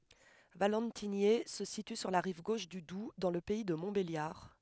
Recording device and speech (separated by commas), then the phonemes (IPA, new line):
headset microphone, read sentence
valɑ̃tiɲɛ sə sity syʁ la ʁiv ɡoʃ dy dub dɑ̃ lə pɛi də mɔ̃tbeljaʁ